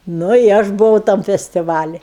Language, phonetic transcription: Lithuanian, ˈnu i ˈaš buˈvau tam festiˈvali

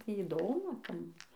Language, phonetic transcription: Lithuanian, ˈtį įˈdomu ˈtam

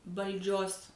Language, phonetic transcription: Lithuanian, valˈdžios

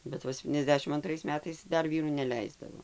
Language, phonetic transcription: Lithuanian, bet ˈva septyniasˈdešim anˈtrais ˈmetais ˈdar ˈvyrų neˈleisdavo

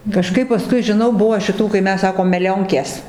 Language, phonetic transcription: Lithuanian, kaˈžkaip paˈskui žiˈnau ˈbuvo šiˈtų kai ˈmes ˈsakom meˈlionkės

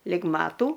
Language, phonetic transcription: Lithuanian, lig ˈmatų

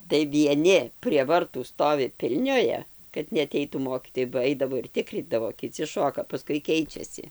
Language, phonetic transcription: Lithuanian, tai vieˈni prie varˈtų ˈstovi ˈpilnioja kad neaˈteitų ˈmokytojai ba ˈaidavo ir ˈtikrydavo kiˈci ˈšoka paˈskui ˈkeičiasi

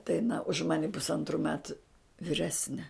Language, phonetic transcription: Lithuanian, tai aˈna už ˈmane pusˈantru ˈmetu viˈresne

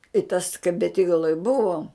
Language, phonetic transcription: Lithuanian, i tas kai beˈtygaloj ˈbuvom

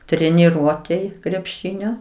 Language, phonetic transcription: Lithuanian, treniˈruotėj krepˈšinio

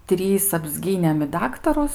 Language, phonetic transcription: Lithuanian, ˈtrys apsˈgynėm i ˈdaktarus

